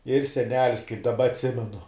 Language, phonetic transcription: Lithuanian, ir seˈnelis kaip daˈba atˈsimenu

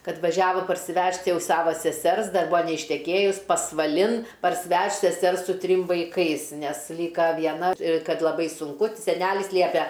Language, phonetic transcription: Lithuanian, ˈkad vaˈžiavo parsiˈvežt ˈjau ˈsavo seˈsers ˈdar ˈbuo neišteˈkėjus pasvaˈlin parsiˈvežt seˈsers su ˈtrim vaiˈkais ˈnes ˈlyka vieˈna ˈkad laˈbai sunˈku seˈnelis ˈliepia

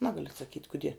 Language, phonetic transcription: Lithuanian, ˈnagaliu atsaˈkyt' kuˈdie

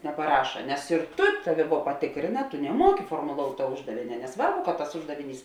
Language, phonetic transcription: Lithuanian, nepaˈraša nes ir ˈtu ˈtaˌvi vuo paˈtikrėna tu neˈmuoki formoˈlout' tuo ˈuždavėne neˈsvarbu kad tas ˈuždaviˌnys

